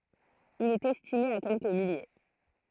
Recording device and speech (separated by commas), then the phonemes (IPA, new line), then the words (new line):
throat microphone, read sentence
il ɛt ɛstime a kɛlkə milje
Il est estimé à quelques milliers.